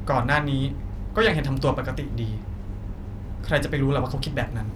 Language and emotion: Thai, frustrated